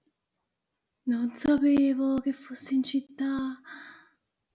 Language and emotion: Italian, surprised